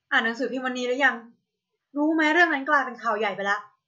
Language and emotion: Thai, frustrated